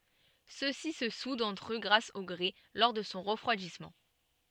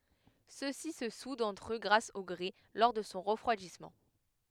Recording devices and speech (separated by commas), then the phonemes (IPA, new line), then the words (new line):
soft in-ear microphone, headset microphone, read sentence
søksi sə sudt ɑ̃tʁ ø ɡʁas o ɡʁɛ lɔʁ də sɔ̃ ʁəfʁwadismɑ̃
Ceux-ci se soudent entre eux grâce au grès, lors de son refroidissement.